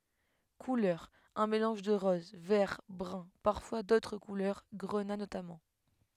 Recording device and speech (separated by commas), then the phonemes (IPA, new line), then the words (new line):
headset microphone, read sentence
kulœʁz œ̃ melɑ̃ʒ də ʁɔz vɛʁ bʁœ̃ paʁfwa dotʁ kulœʁ ɡʁəna notamɑ̃
Couleurs: un mélange de rose, vert, brun, parfois d'autres couleurs, grenat notamment.